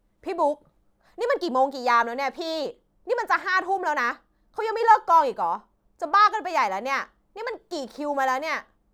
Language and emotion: Thai, angry